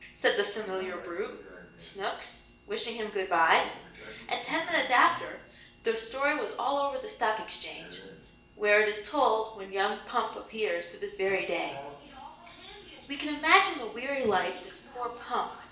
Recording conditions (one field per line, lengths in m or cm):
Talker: one person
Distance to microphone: 1.8 m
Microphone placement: close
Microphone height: 1.0 m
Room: large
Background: television